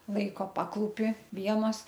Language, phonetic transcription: Lithuanian, ˈlaiko ˈpaklūpi ˈvienos

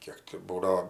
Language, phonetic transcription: Lithuanian, ˈkiek ti ˈbūdao

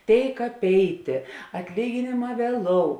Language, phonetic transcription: Lithuanian, ˈtėik apˈeitė atˈlyginėˌmā vieˈlou

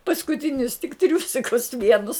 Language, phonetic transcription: Lithuanian, paskuˈtinius tik ˈtriūsikus ˈvienus

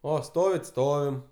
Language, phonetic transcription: Lithuanian, ˈo ˈstovit ˈstovim

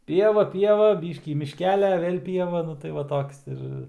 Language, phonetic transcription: Lithuanian, ˈpieva ˈpieva ˈbyškį mišˈkelia ˈvėl' ˈpieva ˈnu tai ˈva ˈtoks ir

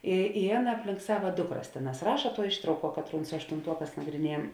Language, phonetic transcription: Lithuanian, i i ˈaˌna apˈlink ˈsava ˈdukˌras ˈtėˌnās ˈraša tuo ˈištrauˌkuo ˈkatˌrūn su aštunˈtuoˌkās nagriˈniejam

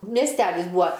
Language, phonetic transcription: Lithuanian, miesˈtelis ˈbūa

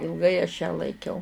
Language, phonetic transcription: Lithuanian, ilˈgai aš ją laiˈkiau

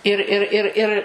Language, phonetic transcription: Lithuanian, ir ˈir ir ˈir

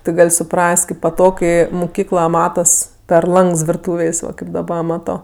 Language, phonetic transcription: Lithuanian, ti ˈgal' suˈpras't' kaip paˈtog ˈkai muˈkykla ˈmatas per ˈlangs virˈtūvės' ˈva kaip daˈba ˈmato

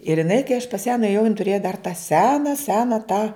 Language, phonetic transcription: Lithuanian, ir jiˈnai kai aš pas ją nuėˈjau jin tuˈrėja dar tą ˈsena ˈsena tą

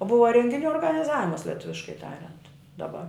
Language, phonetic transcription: Lithuanian, ˈbuva rengiˈnių organiˈzavimas leˈtuviškai ˈtariant daˈba

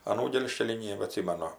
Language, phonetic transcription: Lithuanian, aˈnų ˈgėlžkelį ˌnėbaˈtsimanu

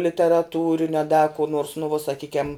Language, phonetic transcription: Lithuanian, literaˈtūriniu a da ku nors nu vuo saˈkykiam

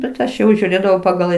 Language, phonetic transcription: Lithuanian, bet ˈaš jau žiūˈrėdavau paˈgal

